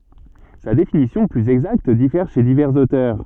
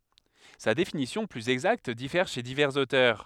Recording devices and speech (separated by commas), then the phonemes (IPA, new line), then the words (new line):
soft in-ear microphone, headset microphone, read sentence
sa defininisjɔ̃ plyz ɛɡzakt difɛʁ ʃe divɛʁz otœʁ
Sa défininition plus exacte diffère chez divers auteurs.